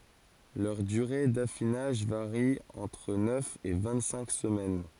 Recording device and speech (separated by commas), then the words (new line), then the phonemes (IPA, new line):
forehead accelerometer, read sentence
Leur durée d’affinage varie entre neuf et vingt-cinq semaines.
lœʁ dyʁe dafinaʒ vaʁi ɑ̃tʁ nœf e vɛ̃ɡtsɛ̃k səmɛn